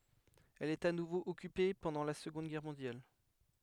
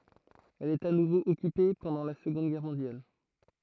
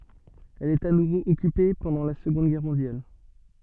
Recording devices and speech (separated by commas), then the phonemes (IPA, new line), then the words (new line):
headset microphone, throat microphone, soft in-ear microphone, read sentence
ɛl ɛt a nuvo ɔkype pɑ̃dɑ̃ la səɡɔ̃d ɡɛʁ mɔ̃djal
Elle est à nouveau occupée pendant la Seconde Guerre mondiale.